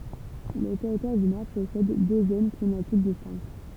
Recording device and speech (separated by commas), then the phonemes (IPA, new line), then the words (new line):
temple vibration pickup, read sentence
lə tɛʁitwaʁ dy nɔʁ pɔsɛd dø zon klimatik distɛ̃kt
Le Territoire du Nord possède deux zones climatiques distinctes.